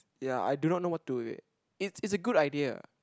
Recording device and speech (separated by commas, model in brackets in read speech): close-talking microphone, conversation in the same room